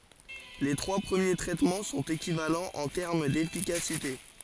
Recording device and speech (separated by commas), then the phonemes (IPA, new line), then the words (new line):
forehead accelerometer, read sentence
le tʁwa pʁəmje tʁɛtmɑ̃ sɔ̃t ekivalɑ̃z ɑ̃ tɛʁm defikasite
Les trois premiers traitements sont équivalents en termes d'efficacité.